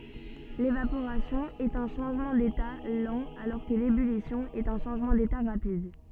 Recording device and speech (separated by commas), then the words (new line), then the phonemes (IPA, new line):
soft in-ear microphone, read sentence
L'évaporation est un changement d'état lent alors que l'ébullition est un changement d'état rapide.
levapoʁasjɔ̃ ɛt œ̃ ʃɑ̃ʒmɑ̃ deta lɑ̃ alɔʁ kə lebylisjɔ̃ ɛt œ̃ ʃɑ̃ʒmɑ̃ deta ʁapid